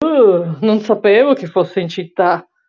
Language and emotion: Italian, disgusted